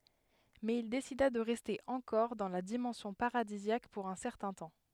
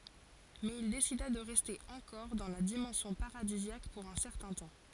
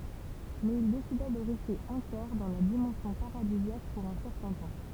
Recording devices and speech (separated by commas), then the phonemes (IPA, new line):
headset microphone, forehead accelerometer, temple vibration pickup, read sentence
mɛz il desida də ʁɛste ɑ̃kɔʁ dɑ̃ la dimɑ̃sjɔ̃ paʁadizjak puʁ œ̃ sɛʁtɛ̃ tɑ̃